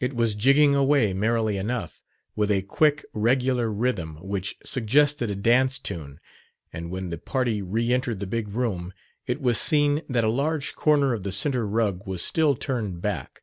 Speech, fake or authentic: authentic